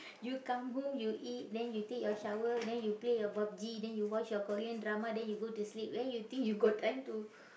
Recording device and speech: boundary microphone, conversation in the same room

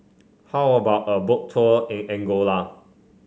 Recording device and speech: mobile phone (Samsung C5), read sentence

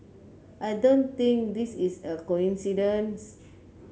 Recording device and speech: mobile phone (Samsung C9), read sentence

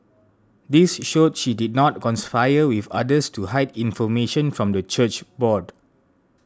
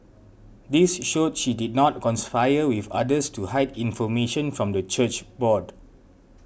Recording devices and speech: standing microphone (AKG C214), boundary microphone (BM630), read sentence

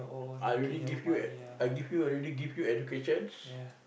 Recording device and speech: boundary microphone, conversation in the same room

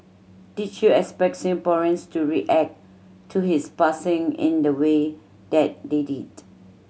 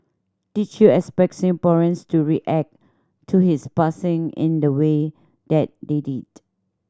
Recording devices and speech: mobile phone (Samsung C7100), standing microphone (AKG C214), read sentence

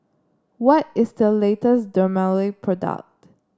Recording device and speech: standing microphone (AKG C214), read sentence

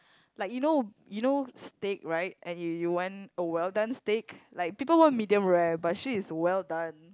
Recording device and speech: close-talking microphone, conversation in the same room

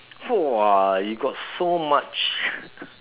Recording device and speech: telephone, conversation in separate rooms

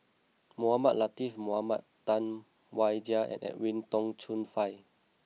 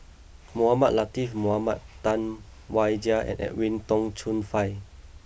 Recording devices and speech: mobile phone (iPhone 6), boundary microphone (BM630), read sentence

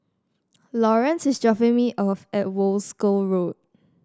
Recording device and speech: standing microphone (AKG C214), read sentence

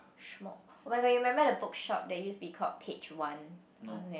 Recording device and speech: boundary microphone, conversation in the same room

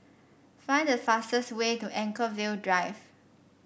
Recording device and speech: boundary microphone (BM630), read sentence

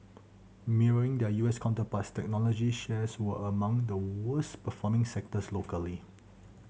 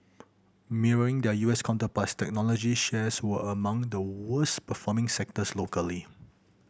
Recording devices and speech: mobile phone (Samsung C7100), boundary microphone (BM630), read sentence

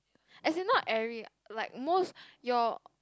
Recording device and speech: close-talking microphone, conversation in the same room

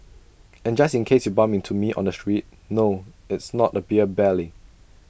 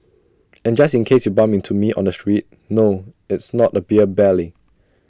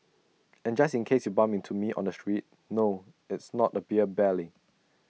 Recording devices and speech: boundary microphone (BM630), standing microphone (AKG C214), mobile phone (iPhone 6), read sentence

